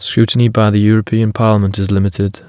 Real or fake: real